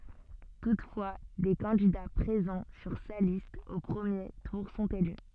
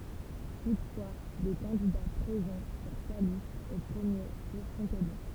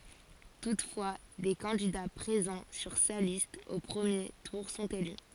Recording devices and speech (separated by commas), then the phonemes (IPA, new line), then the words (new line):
soft in-ear microphone, temple vibration pickup, forehead accelerometer, read sentence
tutfwa de kɑ̃dida pʁezɑ̃ syʁ sa list o pʁəmje tuʁ sɔ̃t ely
Toutefois, des candidats présents sur sa liste au premier tour sont élus.